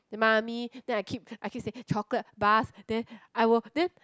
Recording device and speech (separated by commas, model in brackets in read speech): close-talking microphone, conversation in the same room